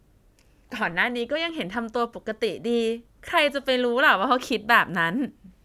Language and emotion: Thai, happy